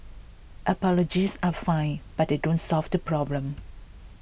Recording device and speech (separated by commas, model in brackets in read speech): boundary microphone (BM630), read sentence